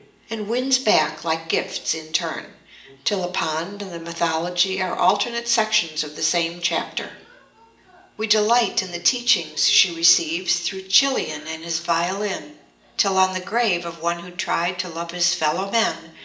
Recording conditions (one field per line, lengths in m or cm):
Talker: one person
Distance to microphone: 1.8 m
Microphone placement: close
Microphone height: 1.0 m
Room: large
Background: television